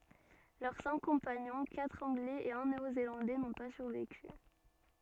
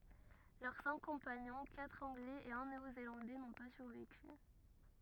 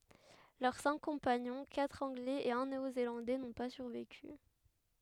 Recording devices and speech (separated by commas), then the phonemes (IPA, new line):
soft in-ear microphone, rigid in-ear microphone, headset microphone, read sentence
lœʁ sɛ̃k kɔ̃paɲɔ̃ katʁ ɑ̃ɡlɛz e œ̃ neo zelɑ̃dɛ nɔ̃ pa syʁveky